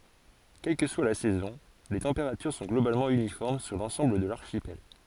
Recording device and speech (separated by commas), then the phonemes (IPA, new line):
forehead accelerometer, read sentence
kɛl kə swa la sɛzɔ̃ le tɑ̃peʁatyʁ sɔ̃ ɡlobalmɑ̃ ynifɔʁm syʁ lɑ̃sɑ̃bl də laʁʃipɛl